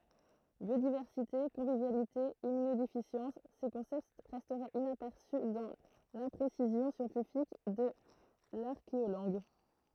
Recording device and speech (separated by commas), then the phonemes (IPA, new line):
throat microphone, read sentence
bjodivɛʁsite kɔ̃vivjalite immynodefisjɑ̃s se kɔ̃sɛpt ʁɛstɛt inapɛʁsy dɑ̃ lɛ̃pʁesizjɔ̃ sjɑ̃tifik də laʁkeolɑ̃ɡ